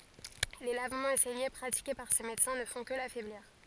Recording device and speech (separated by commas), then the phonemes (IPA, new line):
forehead accelerometer, read sentence
le lavmɑ̃z e sɛɲe pʁatike paʁ se medəsɛ̃ nə fɔ̃ kə lafɛbliʁ